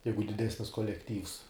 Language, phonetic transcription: Lithuanian, ˈjeigu diˈdesnis kolekˈtyvs

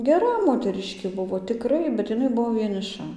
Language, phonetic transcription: Lithuanian, geˈra moteˈriškė ˈbuvo tiˈkrai bet iˈnai ˈbuvo vieniˈša

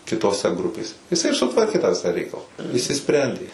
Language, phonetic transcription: Lithuanian, kitoˈse ˈgrupėse jiˈsai ir suˈtvarkė tą ˈvisą ˈreikala išsiˈsprendė

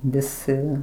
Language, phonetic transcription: Lithuanian, viˈsi

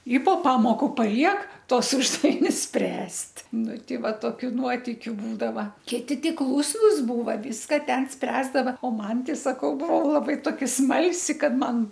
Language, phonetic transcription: Lithuanian, i po ˈpamoku paˈliek ˈtuos ˈuždavinius ˈspręst' ˈnu ˈtei ˈva toˈkiu ˈnuotikiu ˈbūdava ˈkiti ˈti ˈklūsnus ˈbūva ˈvyska ˈten ˈspręsdava o ˈman tei saˈkau ˈbuvau laˈbai toˈkia ˈsmalsi ˈkad ˈman

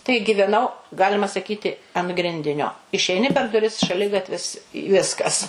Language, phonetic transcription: Lithuanian, tai giveˈnau ˈgalima saˈkyti an ˈgrindinio išeiˈni per duˈris šaˈligatvis i ˈviskas

